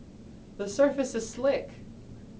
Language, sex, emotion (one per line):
English
male
neutral